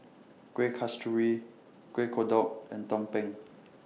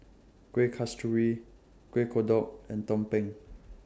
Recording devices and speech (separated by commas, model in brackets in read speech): mobile phone (iPhone 6), standing microphone (AKG C214), read sentence